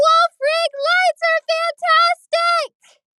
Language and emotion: English, fearful